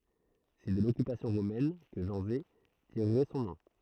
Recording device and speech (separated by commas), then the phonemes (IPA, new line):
throat microphone, read sentence
sɛ də lɔkypasjɔ̃ ʁomɛn kə ʒɑ̃ze tiʁʁɛ sɔ̃ nɔ̃